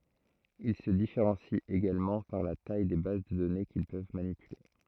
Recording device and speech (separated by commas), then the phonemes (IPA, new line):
throat microphone, read sentence
il sə difeʁɑ̃sit eɡalmɑ̃ paʁ la taj de baz də dɔne kil pøv manipyle